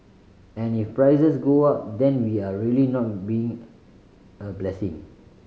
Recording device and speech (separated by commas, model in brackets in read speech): mobile phone (Samsung C5010), read sentence